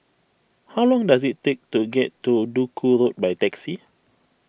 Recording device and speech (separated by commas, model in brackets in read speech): boundary microphone (BM630), read sentence